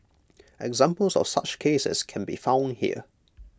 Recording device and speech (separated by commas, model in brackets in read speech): close-talking microphone (WH20), read sentence